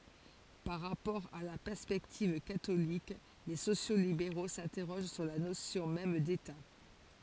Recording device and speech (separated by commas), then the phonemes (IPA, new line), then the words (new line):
forehead accelerometer, read sentence
paʁ ʁapɔʁ a la pɛʁspɛktiv katolik le sosjokslibeʁo sɛ̃tɛʁoʒ syʁ la nosjɔ̃ mɛm deta
Par rapport à la perspective catholique, les sociaux-libéraux s'interrogent sur la notion même d'État.